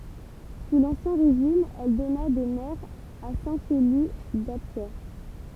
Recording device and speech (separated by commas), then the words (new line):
temple vibration pickup, read sentence
Sous l'Ancien Régime, elle donna des maires à Saint-Chély-d'Apcher.